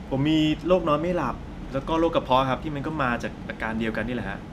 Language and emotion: Thai, neutral